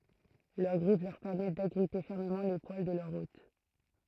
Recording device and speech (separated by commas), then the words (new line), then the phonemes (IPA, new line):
throat microphone, read sentence
Leur griffes leur permettent d'agripper fermement les poils de leur hôte.
lœʁ ɡʁif lœʁ pɛʁmɛt daɡʁipe fɛʁməmɑ̃ le pwal də lœʁ ot